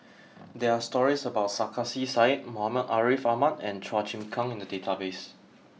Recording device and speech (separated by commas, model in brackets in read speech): mobile phone (iPhone 6), read sentence